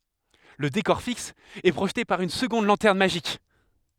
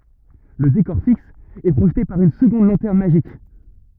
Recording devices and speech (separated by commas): headset microphone, rigid in-ear microphone, read sentence